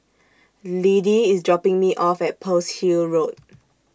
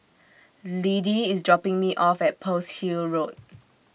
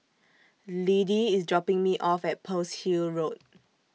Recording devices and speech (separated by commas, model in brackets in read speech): standing microphone (AKG C214), boundary microphone (BM630), mobile phone (iPhone 6), read sentence